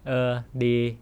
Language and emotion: Thai, frustrated